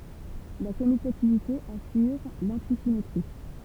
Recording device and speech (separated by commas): temple vibration pickup, read sentence